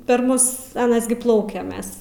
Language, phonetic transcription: Lithuanian, per ˈmus aˈnas gi ˈplaukia ˈmes

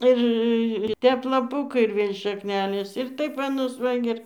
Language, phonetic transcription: Lithuanian, ˈir ˈtep laˈpukai ir ˈvėl' šakˈnelės ir ˈtaip va nus ˈva gi ˈir

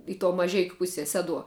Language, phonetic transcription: Lithuanian, i to maˈžeikiu ˈpusie ˈseduo

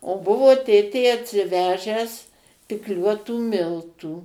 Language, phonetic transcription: Lithuanian, o ˈbuvo ˈtėtė atsiˈvežęs pikˈliuotų ˈmiltų

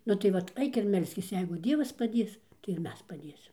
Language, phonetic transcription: Lithuanian, nu tai ˈvat ˈaik ir ˈmelskis ˈjeigu ˈdievas paˈdės tai ir ˈmes paˈdėsim

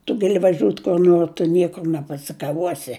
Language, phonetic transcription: Lithuanian, tu gaˈli vaˈžiūt kur ˈnor tu ˈniekur nepasikaˈvuosi

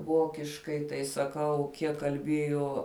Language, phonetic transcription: Lithuanian, ˈvokiškai tai saˈkau ˈkiek kalˈbėjo

